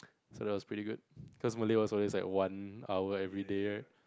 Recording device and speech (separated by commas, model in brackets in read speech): close-talking microphone, conversation in the same room